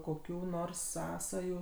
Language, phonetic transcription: Lithuanian, koˈkių ˈnors ˈsąsajų

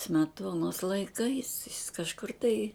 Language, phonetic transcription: Lithuanian, smeˈtuonos laiˈkais jis kažˈkur tai

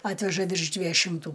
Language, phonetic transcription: Lithuanian, ˈatveža virš ˈdvieju šimˈtų

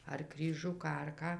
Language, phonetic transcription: Lithuanian, ar kryˈžiuką ar ˈką

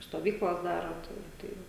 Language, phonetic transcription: Lithuanian, stoˈvyklas ˈdara tai ˈtai

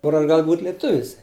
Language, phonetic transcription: Lithuanian, ˈkur aš ˈgal būt' lėˈtuvis

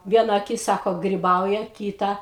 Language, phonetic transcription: Lithuanian, ˈviena aˈkis ˈsako griˈbauja ˈkyta

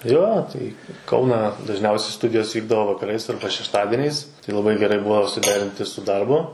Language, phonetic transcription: Lithuanian, ˈjo tai i ˈkauną dažˈniausiai ˈstudijos ˈvykdavo vakaˈrais arba šešˈtadiniais tai laˈbai geˈrai ˈbua suˈderinti su ˈdarbu

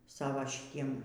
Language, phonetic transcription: Lithuanian, ˈsavo šiˈtiem

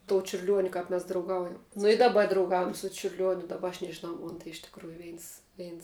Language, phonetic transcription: Lithuanian, to čiurˈliuoniu ˈkap mes drauˈgaujam nu i daˈba drauˈgaujam su čiurˈliuoniu daˈba aš nežiˈnau ˈmon tai iš tikˈrųju ˈveins ˈveins

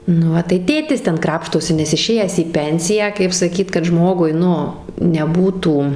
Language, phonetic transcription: Lithuanian, nu ˈva tai ˈtėtis ˈten ˈkrapštosi nes iˈšėjęs į ˈpensiją kaip saˈkyt kad ˈžmogui ˈnu neˈbūtų

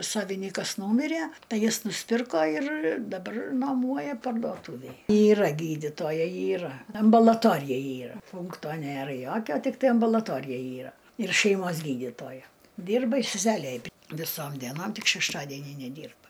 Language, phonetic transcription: Lithuanian, ˈsavinykas ˈnūmiræ ˈtai ˈjis nusˈpirko ir daˈbar nuoˈmuoja parduoˈtuvėj yˈra ˈgydytojai yˈra ambalaˈtorija ˈyra ˈpunkto ˈnėra ˈjokio tikˈtai ambulaˈtorija ˈyra ir šeiˈmos ˈgydytoja ˈdyrba i seˈselė aˈbi viˈsom dieˈnom ˈtik šešˈtadienį neˈdyrba

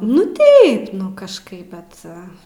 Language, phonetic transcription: Lithuanian, nu ˈtaip nu kažˈkaip ˈbet

